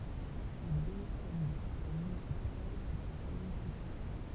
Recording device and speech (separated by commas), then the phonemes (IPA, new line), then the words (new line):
temple vibration pickup, read sentence
il demisjɔn dy kɔ̃sɛj mynisipal kɛlkə səmɛn ply taʁ
Il démissionne du conseil municipal quelques semaines plus tard.